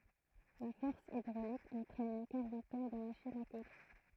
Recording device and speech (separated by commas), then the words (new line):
throat microphone, read sentence
La force hydraulique entraîne une quarantaine de machines à coudre.